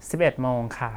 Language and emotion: Thai, neutral